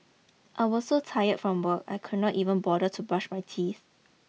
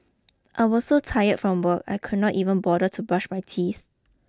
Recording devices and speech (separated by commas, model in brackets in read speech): mobile phone (iPhone 6), close-talking microphone (WH20), read sentence